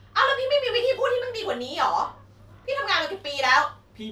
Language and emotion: Thai, angry